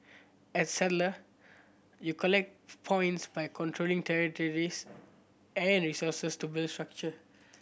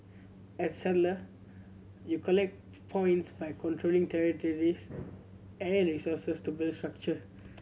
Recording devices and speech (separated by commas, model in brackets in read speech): boundary microphone (BM630), mobile phone (Samsung C7100), read sentence